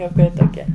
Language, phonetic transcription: Lithuanian, juoˈkai toˈkie

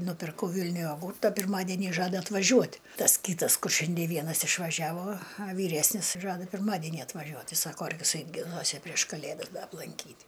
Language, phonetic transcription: Lithuanian, nupirˈkau ˈvilniuj joˈgūrta pirˈmadenį ˈžada atvaˈžiuot' ˈtas ˈkytas ˈkur ˈšiandie ˈvienas išvaˈžiavo a ˈvyresnis ˈžada pirˈmadenį atvaˈžiuot ˈtai ˈsako ar viˈsaip giˈnuosi prieš kaˈlėdas ˈda aplanˈkyt'

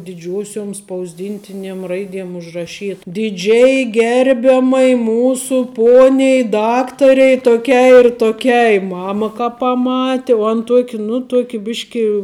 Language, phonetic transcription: Lithuanian, diˈdžiuosiom spausˈdintiniem ˈraidiem užraˈšyt diˈdžiai ˈgerbiamai ˈmūsu ˈponiai ˈdaktarei toˈkiai ir toˈkiai ˈmama ka paˈmati vuo an ˈtuok' nu ˈtuoki ˈbiški

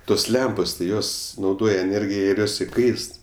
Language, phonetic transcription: Lithuanian, ˈtos ˈlempos ti ˈjos nauˈdoja eˈnėrgija ir ˈjos iˈkaist

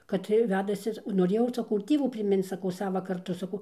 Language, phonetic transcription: Lithuanian, kad ˈtai ˈvedasi noˈrėjau saˈkau ir ˈtievų priˈminc saˈkau ˈsava karˈtu saˈkau

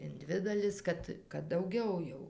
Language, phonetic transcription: Lithuanian, in ˈdvi daˈlis ˈkad kad dauˈgiau jau

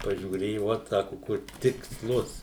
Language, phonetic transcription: Lithuanian, pažiūˈrėju ˈvot ˈsaku ˈkur tiksˈlus

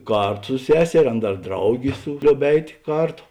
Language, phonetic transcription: Lithuanian, ˈkartu su ˈseserė ˈan ˈdar ˈdraugė ˈlioub ˈeit' ˈkarˌto

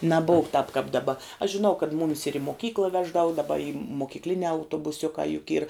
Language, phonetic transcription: Lithuanian, naˈbov k tāp kāp daˈba aš žiˈnau kad ˈmumis ir i moˈkykla ˈveždava daˈba i mokykˈliniā autobuˈsiukā juk yr

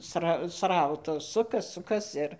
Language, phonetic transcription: Lithuanian, ˈsra ˈsrautas ˈsukas ˈsukas ˈir

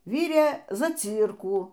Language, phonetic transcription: Lithuanian, ˈvyrė zaˈcyrkų

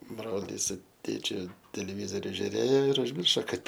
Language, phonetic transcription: Lithuanian, ˈbrolys su ˈtėčiu teleˈvyzoriu žiuˈrėjo ir užˈmiršo ˈkad

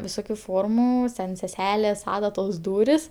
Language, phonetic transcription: Lithuanian, viˈsokiu ˈformu sen seˈselės ˈadatos ˈdūris

